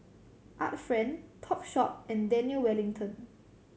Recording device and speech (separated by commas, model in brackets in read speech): mobile phone (Samsung C7100), read sentence